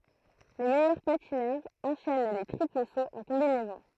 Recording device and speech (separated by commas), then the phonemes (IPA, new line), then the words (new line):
throat microphone, read sentence
le mɛjœʁ patinœʁz ɑ̃ʃɛn le tʁipl soz ɑ̃ kɔ̃binɛzɔ̃
Les meilleurs patineurs enchaînent les triples sauts en combinaison.